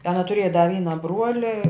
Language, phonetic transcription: Lithuanian, ˈana tuˈrėja da ˈvyna ˈbruoli

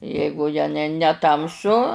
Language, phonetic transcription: Lithuanian, ˈjeigu ja ne neˈtamsu

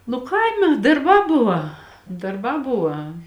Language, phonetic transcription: Lithuanian, nu ˈkaime darˈbā ˈbuva darˈbā ˈbuva

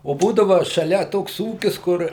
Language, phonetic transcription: Lithuanian, o ˈbūdava šaˈlia ˈtoks ˈūkis ˈkur

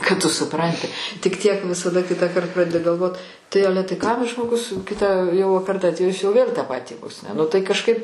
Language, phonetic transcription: Lithuanian, kad tu suˈpranti tik ˈtiek visaˈda ˈkitąˌkart ˈpradedi galˈvot tai ˈale tai kam' žmoˈgus ˈkitą jau per ˈdantį jis jau vėl' tą ˈpatį vos ne nu tai kažˈkaip

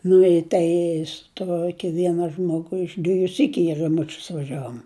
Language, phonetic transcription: Lithuanian, nu i ˈtai su ˈtuoki ˈviena ˈžmogu iš ˈdvieju ˈsykiu i raˈmučius vaˈžiavom

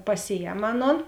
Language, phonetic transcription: Lithuanian, paˈsiˌjem ˈaˌnon

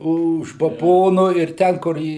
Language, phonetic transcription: Lithuanian, už baˈbono ir ˈten kur ˈį

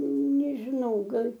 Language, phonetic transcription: Lithuanian, nežiˈnau ˈgal'

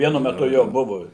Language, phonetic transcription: Lithuanian, ˈvienu meˈtu ˈjo ˈbuvu

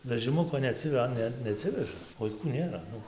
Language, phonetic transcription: Lithuanian, vežiˈmuko neaˈci ˈa ˈne neˈatsiveža vaiˈkų ˈnėra ˈnu

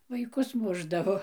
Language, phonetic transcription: Lithuanian, vaiˈkus ˈmušdavo

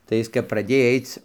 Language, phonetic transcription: Lithuanian, tai ˈjis kap praˈdėj ˈaic

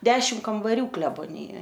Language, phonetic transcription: Lithuanian, ˈdešim kambaˈrių kleboˈnijoj

